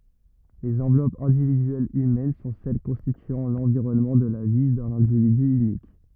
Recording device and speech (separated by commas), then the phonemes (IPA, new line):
rigid in-ear microphone, read sentence
lez ɑ̃vlɔpz ɛ̃dividyɛlz ymɛn sɔ̃ sɛl kɔ̃stityɑ̃ lɑ̃viʁɔnmɑ̃ də la vi dœ̃n ɛ̃dividy ynik